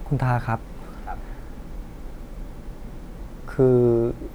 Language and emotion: Thai, frustrated